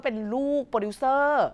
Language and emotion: Thai, neutral